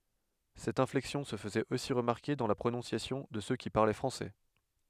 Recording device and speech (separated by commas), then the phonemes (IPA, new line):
headset microphone, read sentence
sɛt ɛ̃flɛksjɔ̃ sə fəzɛt osi ʁəmaʁke dɑ̃ la pʁonɔ̃sjasjɔ̃ də sø ki paʁlɛ fʁɑ̃sɛ